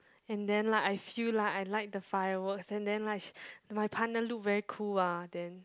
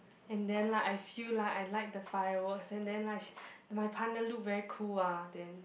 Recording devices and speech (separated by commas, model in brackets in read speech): close-talking microphone, boundary microphone, conversation in the same room